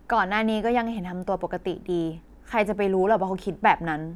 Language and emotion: Thai, frustrated